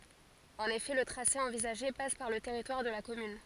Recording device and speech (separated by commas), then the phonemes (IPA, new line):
forehead accelerometer, read sentence
ɑ̃n efɛ lə tʁase ɑ̃vizaʒe pas paʁ lə tɛʁitwaʁ də la kɔmyn